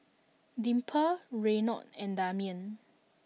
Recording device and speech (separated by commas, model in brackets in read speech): mobile phone (iPhone 6), read sentence